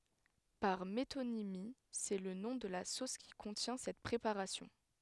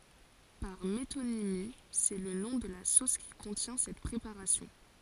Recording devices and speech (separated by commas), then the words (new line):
headset microphone, forehead accelerometer, read sentence
Par métonymie, c'est le nom de la sauce qui contient cette préparation.